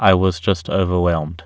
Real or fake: real